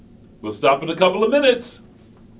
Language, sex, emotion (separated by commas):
English, male, happy